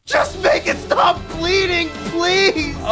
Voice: crying voice